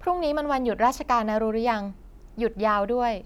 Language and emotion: Thai, neutral